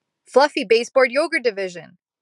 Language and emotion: English, surprised